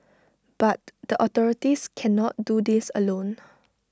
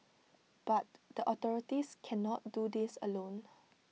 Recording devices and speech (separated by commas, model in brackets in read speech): standing microphone (AKG C214), mobile phone (iPhone 6), read sentence